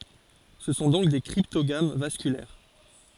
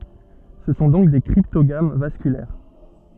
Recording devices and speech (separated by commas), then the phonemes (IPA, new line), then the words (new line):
forehead accelerometer, soft in-ear microphone, read sentence
sə sɔ̃ dɔ̃k de kʁiptoɡam vaskylɛʁ
Ce sont donc des cryptogames vasculaires.